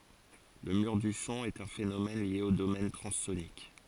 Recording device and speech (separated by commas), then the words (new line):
forehead accelerometer, read sentence
Le mur du son est un phénomène lié au domaine transsonique.